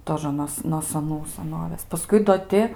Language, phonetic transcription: Lithuanian, ˈtožə nos no saˈnų saˈnovės paˈskui do ˈti

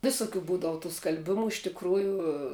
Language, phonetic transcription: Lithuanian, ˈvisuˌkių ˈbūdav tų skalˈbimu iš tikˈrųju

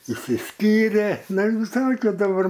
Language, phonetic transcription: Lithuanian, išsiˈskyrė ˈnu i visaˈlaik jau daˈbar

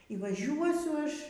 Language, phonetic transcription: Lithuanian, y vaˈžiuosiu ˈaš

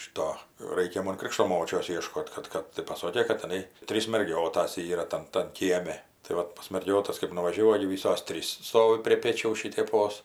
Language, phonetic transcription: Lithuanian, ˈšito ˈraikia ˈmon ˈkrikšto ˈmočios ˈieškot kad ˈkad tai paˈsokė kai tiˈnai ˈtrys merˈgiotas ˈyra ˈtan tan ˈkieme tai ˈvat pas marˈgiotas kɜp nuvažiaˈvau ˈogi ˈvysos ˈtrys ˈstovi prie ˈpėčiaus šiteˈpos

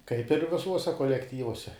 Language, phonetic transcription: Lithuanian, kaip ir viˈsuose kolekˈtyvuose

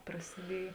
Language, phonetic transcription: Lithuanian, prasiˈdiej

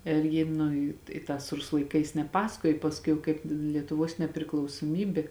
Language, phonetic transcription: Lithuanian, ir ˈji nu i i ˈtās ˈrusu laiˈkais neˈpasakojo pasˈkui jau ˈkaip lietuˈvos nepriklausuoˈmybė

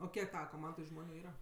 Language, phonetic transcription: Lithuanian, o ˈkiek ˈtava koˈmandoj ˈžmoniu ˈyra

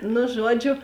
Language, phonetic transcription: Lithuanian, nu ˈžuoˌdžiu

